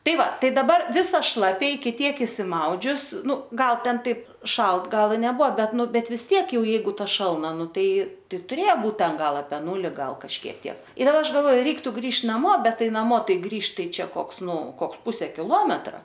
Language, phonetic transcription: Lithuanian, ˈtai ˈva ˈtai daˈbar ˈvisa ˈšlapia iki ˈtiek išsiˈmaudžius ˈnu ˈgal ˈten ˈtaip ˈšalt ˈgal i neˈbuo ˈbet ˈnu bet vis ˈtiek ˈjau ˈjeigu ˈta šalˈna ˈnu ˈtai ˈtai tuˈrėja ˈbūt ˈten ˈgal ape ˈnūli ˈgal kažˈkiek ˈtiek ir ˈaš galˈvo ˈreiktu ˈgrįž naˈmo ˈbet ˈtai naˈmo ˈtai ˈgrįžt ˈtai ˈčia ˈkoks ˈnu ˈkoks ˈpuse kiˈlometra

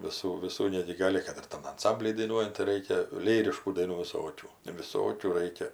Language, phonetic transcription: Lithuanian, viˈsų viˈsų ˈnegi ˈgali kad ir ˈtam anˈsambly daiˈnuojant tai ˈraikia ˈlyriškų daiˈnų viˈsokių viˈsokių ˈraikia

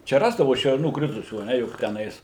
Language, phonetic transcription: Lithuanian, ˈčia ˈrasdavu šerˈnų ˈkritusių a ˈne juk teˈnais

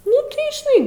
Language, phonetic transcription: Lithuanian, ˈnu tai žiˈnai

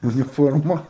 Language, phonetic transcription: Lithuanian, uniˈforma

